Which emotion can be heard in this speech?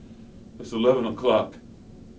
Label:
neutral